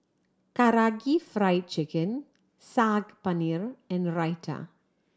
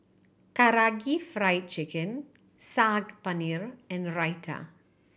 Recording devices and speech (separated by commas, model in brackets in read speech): standing microphone (AKG C214), boundary microphone (BM630), read sentence